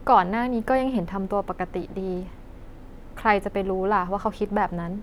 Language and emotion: Thai, neutral